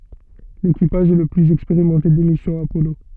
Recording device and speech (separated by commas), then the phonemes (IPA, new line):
soft in-ear microphone, read sentence
lekipaʒ ɛ lə plyz ɛkspeʁimɑ̃te de misjɔ̃z apɔlo